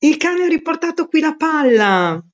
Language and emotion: Italian, surprised